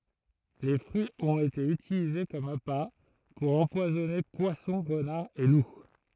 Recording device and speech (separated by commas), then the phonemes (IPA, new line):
throat microphone, read sentence
le fʁyiz ɔ̃t ete ytilize kɔm apa puʁ ɑ̃pwazɔne pwasɔ̃ ʁənaʁz e lu